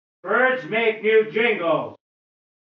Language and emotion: English, angry